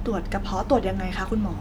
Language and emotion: Thai, neutral